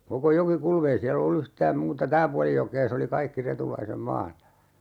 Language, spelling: Finnish, koko Jokikulma ei siellä ollut yhtään muuta tämä puoli jokea se oli kaikki Retulaisen maata
- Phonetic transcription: koko 'Joki"kul'm ‿ei siäl ‿ollu 'yhtääm "muuta "tää puali 'jokee se oli 'kaikki 'Retulaisem "maata .

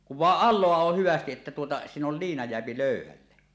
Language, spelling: Finnish, kun vain alaa on hyvästi että tuota siinä on liina jää löyhälle
- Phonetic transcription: kuv vàeˀ "ˀal̆loa oh "hyvästiˀ 'ˀettä tuota , 'siin ‿ol "liina jeäpi 'lö̀yhälle .

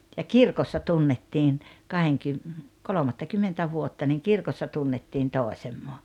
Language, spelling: Finnish, ja kirkossa tunnettiin - kolmattakymmentä vuotta niin kirkossa tunnettiin toisemme
- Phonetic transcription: ja "kirkossa 'tunnettiin , 'kaheŋkym- , "kolomattakymmentä 'vuotta niŋ 'kirkossa 'tunnettiin "tòesemmo .

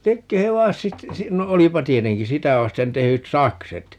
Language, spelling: Finnish, liekö he - sitten - no olipa tietenkin sitä vasten tehdyt sakset
- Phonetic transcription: ('liekkö he "vars-) 'sit , 'sii - no 'olipa "tieteŋki "sitä 'vasten 'tehyt "sakset .

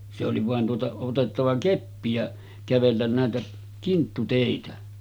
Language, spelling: Finnish, se oli vain tuota otettava keppi ja kävellä näitä kinttuteitä
- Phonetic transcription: se oli vàen tuota , otettava 'keppi ja , 'kävellän nä̀etä , 'kinttutèitä .

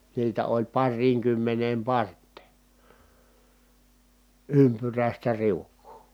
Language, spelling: Finnish, niitä oli pariinkymmeneen parteen ympyräistä riukua
- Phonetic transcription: niitä oĺ parriiŋkymmeneem part̆tè , ympyrä̀istä riukkuu .

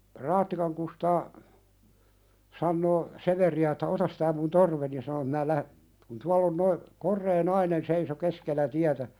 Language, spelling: Finnish, Raattikan Kustaa sanoo Severiä että ota tämä minun torveni ja sanoi että minä - kun tuolla on nuo korea nainen seisoi keskellä tietä
- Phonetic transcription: 'Raattikaŋ Kustaa , sannoo , "Severi₍ä että » 'otas tää mun 'torveni « ja sano (että) » mää lähe- , kun 'tuall ‿on noi , "korree nainen seiso 'keskellä tiätä « ,.

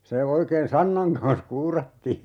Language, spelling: Finnish, se oikein sannan kanssa kuurattiin
- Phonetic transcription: 'se 'oikeen "sannaŋ kans 'kuurattii .

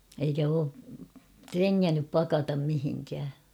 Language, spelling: Finnish, eikä ole trengännyt pakata mihinkään
- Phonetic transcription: eikä oo , "treŋŋännyp 'pakatam mihiŋkää .

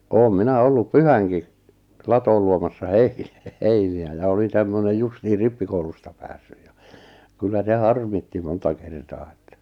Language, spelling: Finnish, olen minä ollut pyhänkin latoon luomassa - heiniä ja olin tämmöinen justiin rippikoulusta päässyt ja kyllä se harmitti monta kertaa että
- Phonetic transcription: oom 'minä 'ollup "pyhäŋki , "latool luomassa "hei- "heini₍ä ja 'olin tämmönej 'justihir 'rippikoulusta päässyj ja , 'kyllä 'se "harmitti 'monta 'kertaa että .

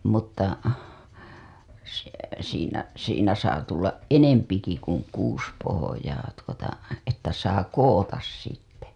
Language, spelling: Finnish, mutta se siinä siinä saa tulla enempikin kuin kuusi pohjaa tuota että saa koota sitten
- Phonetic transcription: mutta , se , siinä , siinä saa tullaˀ "ˀenempiki kuŋ 'kuus pohojaa tuota , että saa 'kowotas sitte .

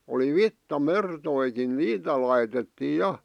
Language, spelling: Finnish, oli vitsamertojakin niitä laitettiin ja
- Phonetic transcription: oli "vitta'mertoikin 'niitä laitettii 'ja .

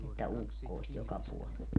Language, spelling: Finnish, että ukkosta joka puolella
- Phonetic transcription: että 'ukkòist 'joka 'puolel .

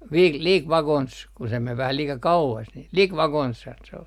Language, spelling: Finnish, - liki vakonsa kun se meni vähän liika kauas niin liki vakonsahan se oli
- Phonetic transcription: 'vil - » "liik "vakons » , ku se mev vähä 'liika "kau₍as nil » "lik vakonshan » se ol .

